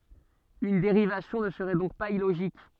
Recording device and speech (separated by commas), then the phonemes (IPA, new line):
soft in-ear microphone, read sentence
yn deʁivasjɔ̃ nə səʁɛ dɔ̃k paz iloʒik